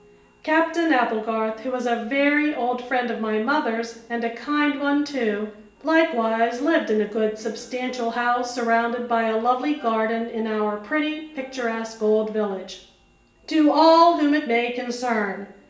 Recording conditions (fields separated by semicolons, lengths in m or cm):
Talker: one person; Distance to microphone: 1.8 m; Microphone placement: close; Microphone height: 1.0 m; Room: large; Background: television